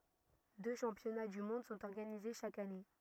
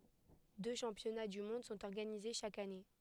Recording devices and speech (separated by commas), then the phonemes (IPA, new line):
rigid in-ear microphone, headset microphone, read sentence
dø ʃɑ̃pjɔna dy mɔ̃d sɔ̃t ɔʁɡanize ʃak ane